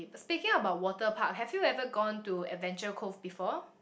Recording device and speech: boundary microphone, conversation in the same room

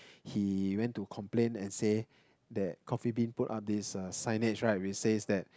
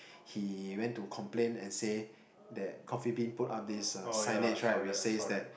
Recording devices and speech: close-talking microphone, boundary microphone, conversation in the same room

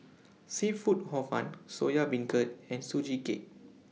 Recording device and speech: mobile phone (iPhone 6), read sentence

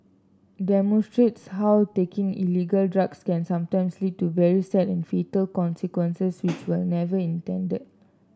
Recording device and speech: standing microphone (AKG C214), read sentence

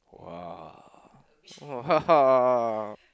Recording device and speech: close-talking microphone, conversation in the same room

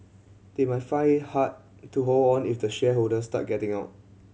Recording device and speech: mobile phone (Samsung C7100), read sentence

